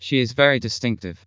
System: TTS, vocoder